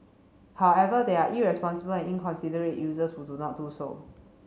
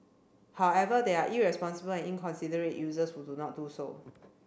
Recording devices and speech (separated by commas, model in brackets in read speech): mobile phone (Samsung C7), boundary microphone (BM630), read sentence